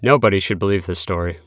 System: none